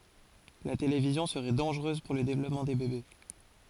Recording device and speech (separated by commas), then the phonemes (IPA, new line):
forehead accelerometer, read sentence
la televizjɔ̃ səʁɛ dɑ̃ʒʁøz puʁ lə devlɔpmɑ̃ de bebe